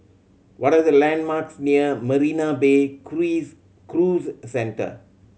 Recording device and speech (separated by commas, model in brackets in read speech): mobile phone (Samsung C7100), read sentence